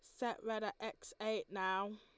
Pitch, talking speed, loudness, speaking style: 215 Hz, 205 wpm, -41 LUFS, Lombard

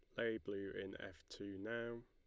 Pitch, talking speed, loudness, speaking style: 110 Hz, 195 wpm, -47 LUFS, Lombard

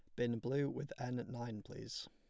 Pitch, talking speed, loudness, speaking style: 120 Hz, 190 wpm, -42 LUFS, plain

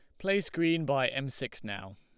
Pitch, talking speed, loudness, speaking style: 135 Hz, 205 wpm, -31 LUFS, Lombard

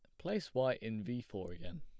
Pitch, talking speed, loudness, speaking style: 120 Hz, 225 wpm, -40 LUFS, plain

